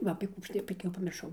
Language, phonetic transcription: Lithuanian, ˈva apė ˈkų ˈaš tai ˈbet jau pamirˈšau

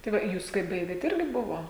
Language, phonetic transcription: Lithuanian, tai ˈva ˈjūs kai ˈbaigėt ˈirgi ˈbuvo

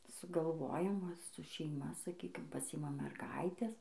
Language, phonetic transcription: Lithuanian, sugalˈvojam ˈva su šeiˈma saˈkykim paˈsiimam merˈgaites

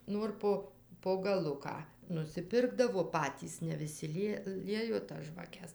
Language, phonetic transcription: Lithuanian, ˈnor po po gaˈluką nusiˈpirkdavo ˈpatys ne viˈsi ˈlie ˈliejo tas žvaˈkes

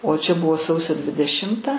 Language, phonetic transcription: Lithuanian, o čia ˈbuvo ˈsausio dvideˈšimta

